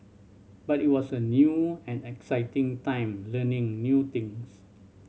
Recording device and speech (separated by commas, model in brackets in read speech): mobile phone (Samsung C7100), read sentence